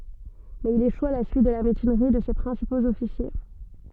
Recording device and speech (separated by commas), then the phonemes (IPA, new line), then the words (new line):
soft in-ear microphone, read sentence
mɛz il eʃu a la syit də la mytinʁi də se pʁɛ̃sipoz ɔfisje
Mais il échoue à la suite de la mutinerie de ses principaux officiers.